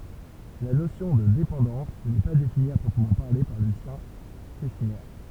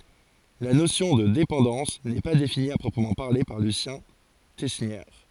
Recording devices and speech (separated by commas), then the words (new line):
temple vibration pickup, forehead accelerometer, read sentence
La notion de dépendance n'est pas définie à proprement parler par Lucien Tesnière.